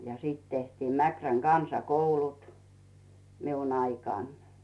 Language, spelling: Finnish, ja sitten tehtiin Mäkrän kansakoulut minun aikanani
- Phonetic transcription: ja 'sìt tehtiim 'Mäkräŋ "Gansa"koulut , 'miun ‿aikàn .

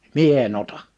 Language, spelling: Finnish, minä en ota
- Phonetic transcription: mie e'n ‿ota . «

